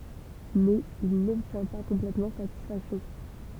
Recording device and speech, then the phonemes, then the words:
temple vibration pickup, read sentence
mɛz il nɔbtjɛ̃ pa kɔ̃plɛtmɑ̃ satisfaksjɔ̃
Mais il n'obtient pas complètement satisfaction.

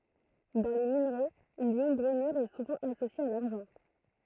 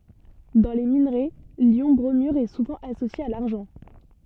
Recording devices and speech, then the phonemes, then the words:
throat microphone, soft in-ear microphone, read sentence
dɑ̃ le minʁɛ ljɔ̃ bʁomyʁ ɛ suvɑ̃ asosje a laʁʒɑ̃
Dans les minerais, l'ion bromure est souvent associé à l'argent.

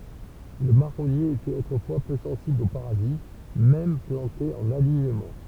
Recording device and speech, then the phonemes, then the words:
temple vibration pickup, read sentence
lə maʁɔnje etɛt otʁəfwa pø sɑ̃sibl o paʁazit mɛm plɑ̃te ɑ̃n aliɲəmɑ̃
Le marronnier était autrefois peu sensible aux parasites, même planté en alignement.

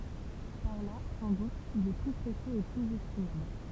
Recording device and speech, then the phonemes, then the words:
temple vibration pickup, read sentence
paʁ la sɑ̃ dut il ɛ ply pʁesjøz e plyz ɛstimabl
Par là, sans doute, il est plus précieux et plus estimable.

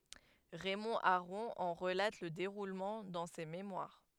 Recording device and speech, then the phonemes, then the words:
headset microphone, read sentence
ʁɛmɔ̃ aʁɔ̃ ɑ̃ ʁəlat lə deʁulmɑ̃ dɑ̃ se memwaʁ
Raymond Aron en relate le déroulement dans ses mémoires.

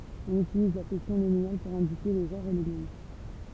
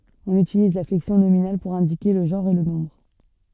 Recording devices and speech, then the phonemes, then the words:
temple vibration pickup, soft in-ear microphone, read sentence
ɔ̃n ytiliz la flɛksjɔ̃ nominal puʁ ɛ̃dike lə ʒɑ̃ʁ e lə nɔ̃bʁ
On utilise la flexion nominale pour indiquer le genre et le nombre.

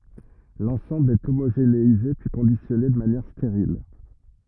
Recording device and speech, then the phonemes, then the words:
rigid in-ear microphone, read sentence
lɑ̃sɑ̃bl ɛ omoʒeneize pyi kɔ̃disjɔne də manjɛʁ steʁil
L'ensemble est homogénéisé puis conditionné de manière stérile.

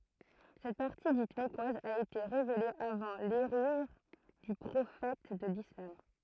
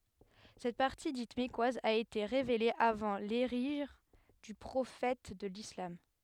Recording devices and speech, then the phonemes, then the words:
throat microphone, headset microphone, read sentence
sɛt paʁti dit mɛkwaz a ete ʁevele avɑ̃ leʒiʁ dy pʁofɛt də lislam
Cette partie dite mecquoise a été révélée avant l'hégire du prophète de l'islam.

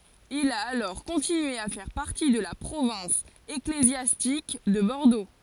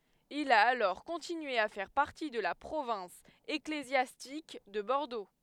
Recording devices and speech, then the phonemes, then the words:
forehead accelerometer, headset microphone, read sentence
il a alɔʁ kɔ̃tinye a fɛʁ paʁti də la pʁovɛ̃s eklezjastik də bɔʁdo
Il a alors continué à faire partie de la province ecclésiastique de Bordeaux.

